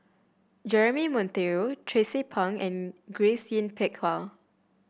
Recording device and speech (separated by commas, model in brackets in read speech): boundary microphone (BM630), read sentence